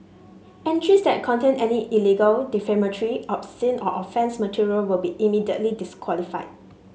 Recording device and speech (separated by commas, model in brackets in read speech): mobile phone (Samsung S8), read sentence